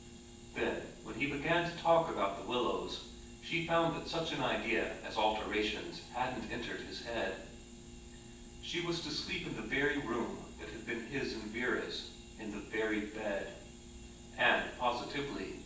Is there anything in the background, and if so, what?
Nothing.